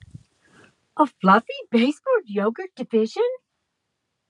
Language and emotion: English, surprised